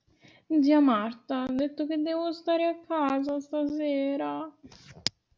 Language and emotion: Italian, sad